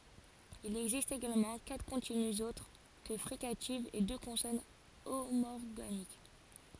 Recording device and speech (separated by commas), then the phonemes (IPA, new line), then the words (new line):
forehead accelerometer, read sentence
il ɛɡzist eɡalmɑ̃ katʁ kɔ̃tinyz otʁ kə fʁikativz e dø kɔ̃sɔn omɔʁɡanik
Il existe également quatre continues autres que fricatives et deux consonnes homorganiques.